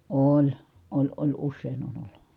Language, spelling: Finnish, oli oli oli usein on ollut
- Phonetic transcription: oĺ , oĺ oĺ ussèin ‿on ollU .

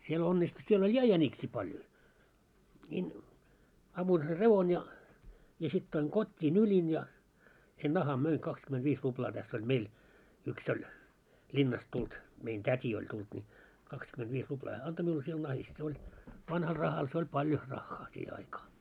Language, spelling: Finnish, siellä onnistui siellä oli ja jäniksiä paljon niin ammuin sen revon ja ja sitten toin kotiin nyljin ja sen nahan myin kaksikymmentäviisi ruplaa tässä oli meillä yksi oli linnasta tullut meidän täti oli tullut niin kaksikymentäviisi ruplaa hän antoi minulle sillä nahasta se oli vanhalla rahalla se oli paljon rahaa siihen aikaa
- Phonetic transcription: siel 'onnistu siel oĺ "ja 'jäńiksii paljo , ńiin , 'ammuin ser "revon ja , ja sit toiŋ 'kot́t́i 'nylin ja , sen 'naham möiŋ 'kakskymentviis ruplaa täss ‿oĺ "meil , yks ‿oĺ , 'ĺinnast tult , mein 'tät́i oĺ 'tult ńi , 'kakskymentviis ruplaa hää "anto miul sil 'nahist se oĺ , 'vanhal 'rahal se oĺ 'paljo , 'raχχaa 'siihe aikaa .

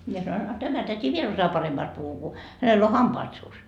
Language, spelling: Finnish, minä sanoin a tämä täti vielä osaa paremmasti puhua kun hänellä on hampaat suussa
- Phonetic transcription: 'mie sanoin , » a 'tämä täti 'viel osajaa 'paremmaast puhu ku , 'hänell ‿o "hampaat suus .

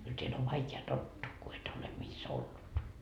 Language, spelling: Finnish, kyllä täällä on vaikea tottuu kun et ole missä ollut
- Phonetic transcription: kyl teäl ‿ov 'vaike₍a "tottuu ku et ole mis 'ollut .

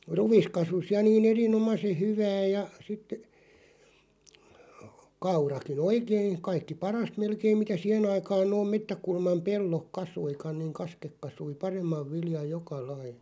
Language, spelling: Finnish, ruis kasvoi ja niin erinomaisen hyvää ja sitten kaurakin oikein kaikki parasta melkein mitä siihen aikaan nuo metsäkulman pellot kasvoikaan niin kasket kasvoi paremman viljan joka laji
- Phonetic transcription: ruᵛis 'kasus 'ja nii'n ‿eri₍"nomase "hyvää ja sit , 'kauraki"n ‿oikein̬ , 'kaikki "parast 'melkeim mitä 'siʰen ‿aikaan nooᵐ 'mettäkulmam 'pellok "kasuikaⁿ niiŋ 'kaskek 'kasui "paremmav 'viljaʲ "joka 'lai .

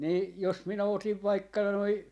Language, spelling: Finnish, niin jos minä otin vaikka noin
- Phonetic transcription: nii jos minä otiv vaikka noi ,.

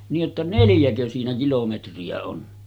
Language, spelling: Finnish, niin että neljäkö siinä kilometriä on
- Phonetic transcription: nii’ ’että 'neljäkö siinä 'kilometri₍ä on .

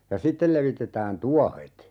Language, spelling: Finnish, ja sitten levitetään tuohet
- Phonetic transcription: ja "sittel levitetään 'tuåhet .

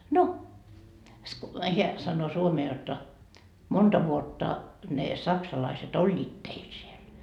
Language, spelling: Finnish, no hän sanoo suomea jotta monta vuotta ne saksalaiset olivat teillä siellä
- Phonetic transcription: no , 'heä sannoo 'suomee jotta , 'monta vuotta , ne 'saksalaiset "oĺĺiit teil siel .

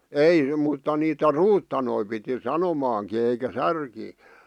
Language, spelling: Finnish, ei mutta niitä ruutanoita piti sanomaankin eikä särkiä
- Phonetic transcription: ei mutta niitä "ruuttanoi piti "sanomaaŋki eikä "särkii .

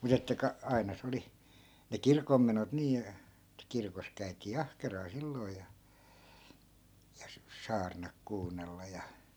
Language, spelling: Finnish, mutta että - aina se oli ne kirkonmenot niin että kirkossa käytiin ahkeraan silloin ja ja - saarnat kuunnella ja
- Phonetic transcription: 'mut ‿että 'ka- , 'ai̮na 'se oli , ne "kirkommenot nii , (et) 'kirkos käytii "ahkeraa 'silloi̮ ja , ja s- , 'saarnak 'kuunnella ja ,.

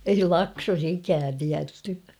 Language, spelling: Finnish, ei Laksossa ikään tiedetty
- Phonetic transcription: ei "Laksos ‿'ikään tiätty .

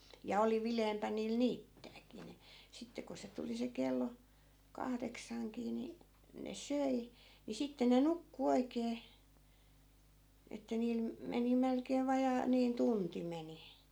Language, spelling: Finnish, ja oli viileämpää niillä niittääkin niin sitten kun se tuli se kello kahdeksankin niin ne söi niin sitten ne nukkui oikein että niillä - meni melkein vajaa niin tunti meni
- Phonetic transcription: ja oli 'vileempä niil "niittääkii (ni) , 'sitte ko 'se tuli 'se kello , 'kahdeksaŋkii ni , ne "söi , ni 'sitte ne "nukku 'oikee , että 'niil me- , 'meni melkeev 'vajaa , niin "tunti meni .

